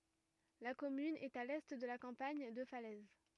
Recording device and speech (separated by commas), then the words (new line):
rigid in-ear microphone, read sentence
La commune est à l'est de la campagne de Falaise.